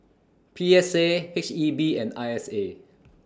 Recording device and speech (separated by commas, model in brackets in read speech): standing microphone (AKG C214), read sentence